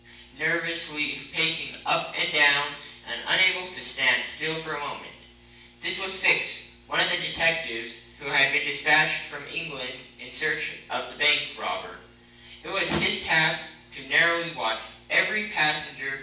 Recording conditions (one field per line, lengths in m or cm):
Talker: one person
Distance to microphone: 9.8 m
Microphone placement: far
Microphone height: 1.8 m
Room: large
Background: none